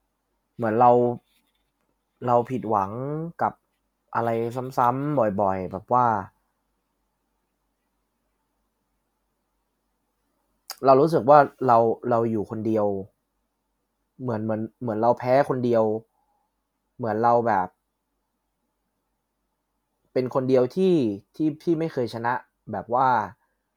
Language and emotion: Thai, frustrated